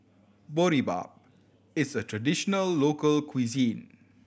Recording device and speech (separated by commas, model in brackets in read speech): boundary microphone (BM630), read sentence